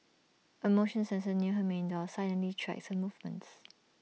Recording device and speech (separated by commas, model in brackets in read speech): mobile phone (iPhone 6), read sentence